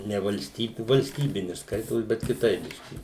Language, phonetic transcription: Lithuanian, ne valˈstybi valsˈtybini ˈskaitos bet kiˈtaip ˈbiški

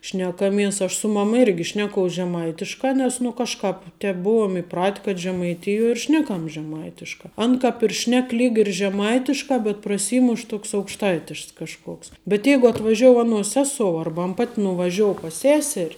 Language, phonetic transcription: Lithuanian, šnekaˈmies aš su ˈmama ˈirgi ˈšnekous žeˈmaitiška ˈnes nu ˈkažˌkāp ˈtep ˈbuuom iˈprat' kad žemaiˈtijuo ir ˈšnekam žeˈmaitiškā ˈan kap ir ˈšnek ˈlyg ir žeˈmaitiškā bet praˈsymuš ˈtoks aukšˈtaitišks kažˈkoks bet ˈjeigu atvaˈžiou aˈnuos ˈsesou ˈarba ˈpat' nuvaˈžiou pas ˈseser'

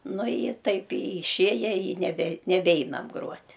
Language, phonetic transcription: Lithuanian, nu i i ˈtaip i iˈšėja i neˈbe neˈbeinam ˈgruot'

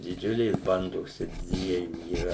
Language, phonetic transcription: Lithuanian, diˈdžiulės ˈbandos čia ˈdviejų yˈra

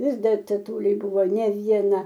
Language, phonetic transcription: Lithuanian, ˈvis ˈdar teˈtuliui ˈbuvo ne vieˈna

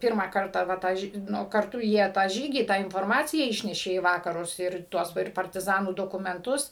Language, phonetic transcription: Lithuanian, ˈpyrmą ˈkartą va ˈtą ˈnu karˈtu ˈjie tą ˈžygį tą inforˈmaciją ˈišnešė į ˈvakarus ˈir ˈtuos ˈva ir partiˈzanų dokumenˈtus

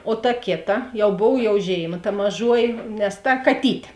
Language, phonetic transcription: Lithuanian, o ta ˈkėˌta ˈjau ˈbov jau ˈžėiˌma ta maˈžuoji nes ˈta kaˈtytė

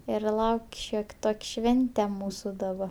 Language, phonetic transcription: Lithuanian, ir ˈlauk' ˈšiok' ˈtok' ˈšvente ˈmūsu daˈba

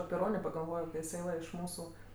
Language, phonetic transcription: Lithuanian, api ˈronė pagalˈvojo kai iˈsai va iš ˈmūsu

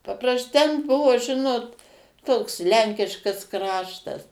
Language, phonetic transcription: Lithuanian, paˈpras ten ˈbuvo ˈžinot ˈtoks ˈlenkiškas ˈkraštas

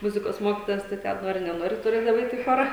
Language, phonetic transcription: Lithuanian, ˈmuzikos ˈmokitojas tai ˈten ˈnori neˈnori tuˈrėdavai ˈeit i ˈchora

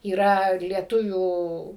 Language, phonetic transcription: Lithuanian, yˈra lieˈtuvių

